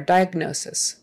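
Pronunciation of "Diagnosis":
In 'diagnosis', the g and then the n are said quickly together, but both are heard.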